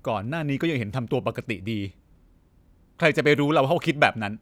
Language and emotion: Thai, frustrated